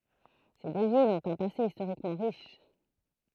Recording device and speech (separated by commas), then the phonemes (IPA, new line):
throat microphone, read sentence
se dø vilz ɔ̃t œ̃ pase istoʁikmɑ̃ ʁiʃ